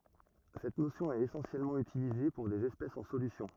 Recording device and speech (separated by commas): rigid in-ear microphone, read sentence